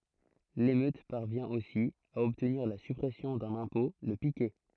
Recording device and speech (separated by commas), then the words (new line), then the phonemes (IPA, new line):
throat microphone, read sentence
L’émeute parvient aussi à obtenir la suppression d’un impôt, le piquet.
lemøt paʁvjɛ̃ osi a ɔbtniʁ la sypʁɛsjɔ̃ dœ̃n ɛ̃pɔ̃ lə pikɛ